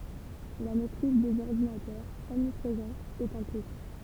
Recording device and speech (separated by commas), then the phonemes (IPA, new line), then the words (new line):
temple vibration pickup, read sentence
la mɛtʁiz dez ɔʁdinatœʁz ɔmnipʁezɑ̃z ɛt œ̃ ply
La maitrise des ordinateurs, omniprésents, est un plus.